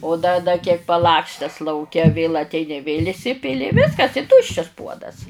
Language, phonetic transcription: Lithuanian, o da da kiek paˈlakstes lauˈke vėl atˈeini vėl' iˈsipili i ˈviskas i ˈtuščias ˈpuodas

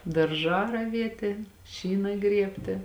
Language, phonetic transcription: Lithuanian, darˈžā raˈvietė ˈšyna ˈgriebtė

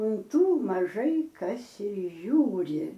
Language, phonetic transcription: Lithuanian, un ˈtų maˈžai ˈkas ir ˈžiūri

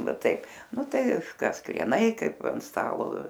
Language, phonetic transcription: Lithuanian, ˈnu ˈtaip ˈnu ˈtai ˈkas krieˈnai ˈkaip an ˈstalo

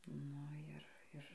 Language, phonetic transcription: Lithuanian, ˈnu ir ˈir

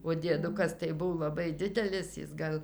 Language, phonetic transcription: Lithuanian, o dieˈdukas tai ˈbuv laˈbai ˈdidelis ˈjis gal

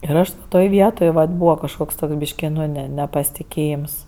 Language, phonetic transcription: Lithuanian, ir ˈaš va ˈtoj ˈvietoj vat ˈbūva kažˈkoks ˈtoks ˈbyški ˈnu ˈne ˈne ˌnepastiˈkėjims

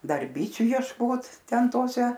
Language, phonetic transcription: Lithuanian, ˈdar ˈbyčiu jiešˈkot ˈten ˈtose

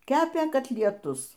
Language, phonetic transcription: Lithuanian, ˈkepė katlieˈtus

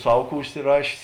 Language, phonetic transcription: Lithuanian, ˈsav ˈkų užsiˈrašės

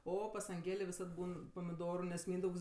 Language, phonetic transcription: Lithuanian, ˈo pas anˈgėlė viˈsad ˈbūn pamiˈdoru nes ˈmyndaugs

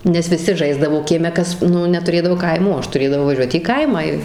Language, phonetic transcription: Lithuanian, nes viˈsi ˈžaisdavo kieˈme ˈkas ˈnu netuˈrėdavo ˈkaimų o ˈaš tuˈrėdavau vaˈžiuot į ˈkaimą i

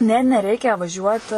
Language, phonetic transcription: Lithuanian, ˈne neˈreikia vaˈžiuot

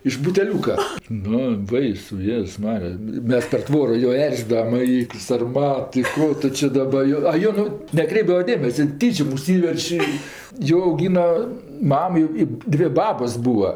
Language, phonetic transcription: Lithuanian, iš buteˈliūka ˈnu ˈbaisu ˈjėzus ˈmarija ˈmes per ˈtvoro jo ˈerzidavam i sarˈmat i ˈko tu či ˈdaba ˈjo a ˈjon ˈnu neˈkreipdava ˈdėmese ˈtyčiom užˈsyverč' i ˈjo auˈgyna ˈmam jau i ˈdvė ˈbabos ˈbūa

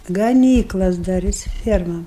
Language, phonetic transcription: Lithuanian, gaˈnyklas daˈris ˈfiermam

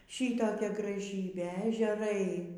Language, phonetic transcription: Lithuanian, ˈšytokia graˈžybė ežeˈrai

